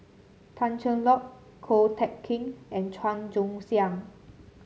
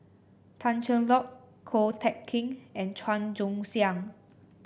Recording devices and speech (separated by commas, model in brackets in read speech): mobile phone (Samsung C7), boundary microphone (BM630), read sentence